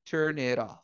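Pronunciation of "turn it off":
In 'turn it off', the t of 'it' joins with 'off' to make one syllable that sounds like 'rof'.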